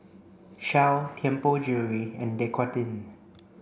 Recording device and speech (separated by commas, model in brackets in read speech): boundary microphone (BM630), read sentence